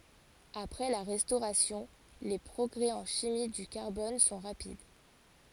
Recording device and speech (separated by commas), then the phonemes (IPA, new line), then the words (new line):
forehead accelerometer, read sentence
apʁɛ la ʁɛstoʁasjɔ̃ le pʁɔɡʁɛ ɑ̃ ʃimi dy kaʁbɔn sɔ̃ ʁapid
Après la Restauration, les progrès en chimie du carbone sont rapides.